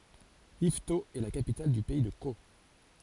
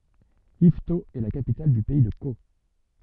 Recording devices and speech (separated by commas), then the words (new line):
forehead accelerometer, soft in-ear microphone, read sentence
Yvetot est la capitale du pays de Caux.